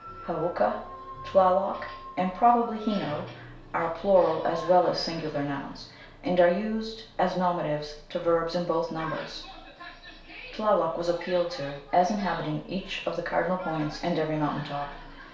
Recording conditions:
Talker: one person; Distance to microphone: 1.0 m; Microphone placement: close; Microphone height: 1.1 m; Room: small (3.7 m by 2.7 m); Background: television

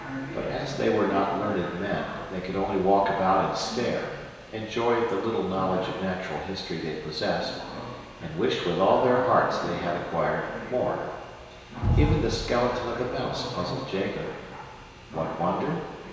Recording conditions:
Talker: one person; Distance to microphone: 1.7 m; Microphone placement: close; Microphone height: 1.0 m; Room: very reverberant, large; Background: television

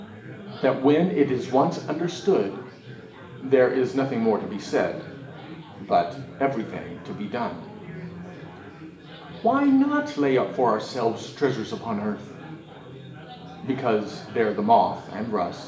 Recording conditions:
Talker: one person; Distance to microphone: 1.8 m; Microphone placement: close; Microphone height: 1.0 m; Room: large; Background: babble

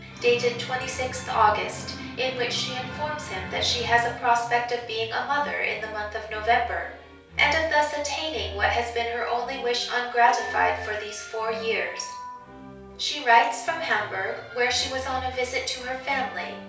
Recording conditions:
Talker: one person; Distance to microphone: 3.0 m; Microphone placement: far; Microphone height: 1.8 m; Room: small (3.7 m by 2.7 m); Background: music

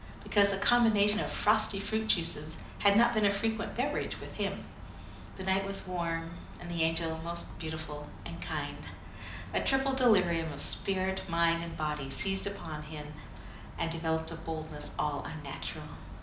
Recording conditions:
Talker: one person; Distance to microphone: 2.0 m; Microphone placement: close; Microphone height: 99 cm; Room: medium-sized (5.7 m by 4.0 m); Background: none

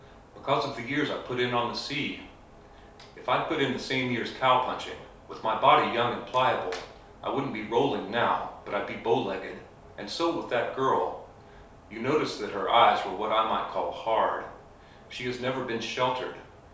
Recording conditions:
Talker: one person; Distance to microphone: 3.0 m; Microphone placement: far; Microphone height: 1.8 m; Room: small (3.7 m by 2.7 m); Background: none

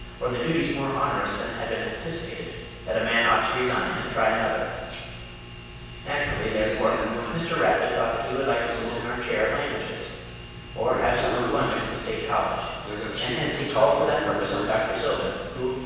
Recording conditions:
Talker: one person; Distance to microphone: 7.1 m; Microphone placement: far; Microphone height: 1.7 m; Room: very reverberant, large; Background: television

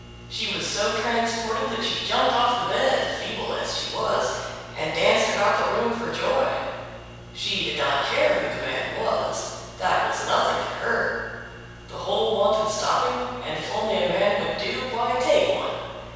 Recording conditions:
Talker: one person; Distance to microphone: 7.1 m; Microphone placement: far; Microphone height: 1.7 m; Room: very reverberant, large; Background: none

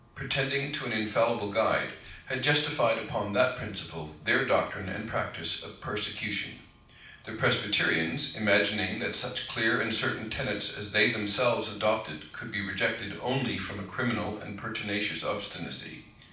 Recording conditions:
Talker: one person; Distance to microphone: 5.8 m; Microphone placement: far; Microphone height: 1.8 m; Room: medium-sized (5.7 m by 4.0 m); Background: none

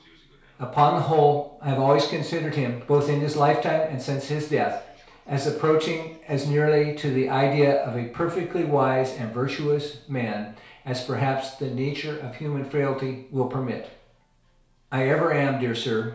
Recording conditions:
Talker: one person; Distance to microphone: 1.0 m; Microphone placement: close; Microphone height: 1.1 m; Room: small (3.7 m by 2.7 m); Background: television

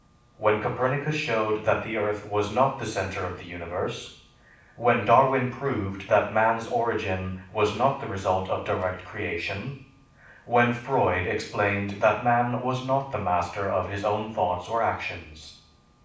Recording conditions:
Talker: one person; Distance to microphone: 5.8 m; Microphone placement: far; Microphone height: 1.8 m; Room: medium-sized (5.7 m by 4.0 m); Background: none

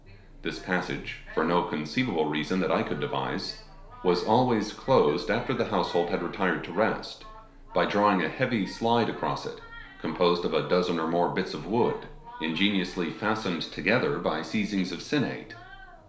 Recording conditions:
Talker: one person; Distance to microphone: 1.0 m; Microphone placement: close; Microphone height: 1.1 m; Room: small (3.7 m by 2.7 m); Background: television

